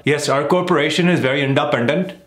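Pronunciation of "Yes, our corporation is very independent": In this sentence, the rhythm of 'independent' is off, so the word is pronounced incorrectly.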